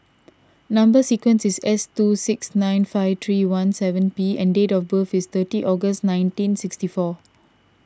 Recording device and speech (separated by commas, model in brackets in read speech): standing microphone (AKG C214), read sentence